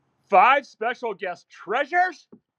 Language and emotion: English, surprised